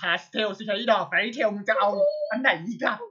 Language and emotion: Thai, happy